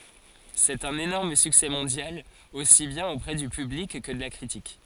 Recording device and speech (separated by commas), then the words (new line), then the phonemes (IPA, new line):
forehead accelerometer, read sentence
C'est un énorme succès mondial, aussi bien auprès du public, que de la critique.
sɛt œ̃n enɔʁm syksɛ mɔ̃djal osi bjɛ̃n opʁɛ dy pyblik kə də la kʁitik